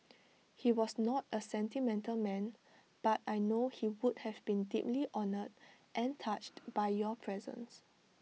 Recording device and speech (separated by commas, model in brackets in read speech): mobile phone (iPhone 6), read sentence